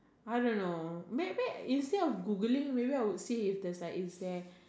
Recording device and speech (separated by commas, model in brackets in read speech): standing microphone, conversation in separate rooms